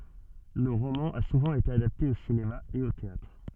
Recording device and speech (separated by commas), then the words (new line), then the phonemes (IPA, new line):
soft in-ear microphone, read sentence
Le roman a souvent été adapté au cinéma et au théâtre.
lə ʁomɑ̃ a suvɑ̃ ete adapte o sinema e o teatʁ